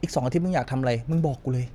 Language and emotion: Thai, neutral